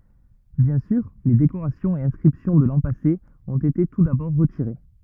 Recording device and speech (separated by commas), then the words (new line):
rigid in-ear microphone, read sentence
Bien sûr, les décorations et inscriptions de l’an passé ont été tout d’abord retirées.